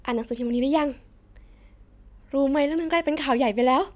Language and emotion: Thai, happy